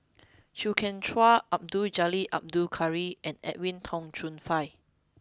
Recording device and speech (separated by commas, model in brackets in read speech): close-talking microphone (WH20), read sentence